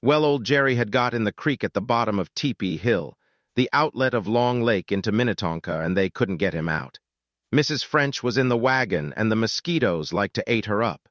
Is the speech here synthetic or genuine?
synthetic